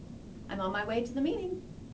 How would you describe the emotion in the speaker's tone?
happy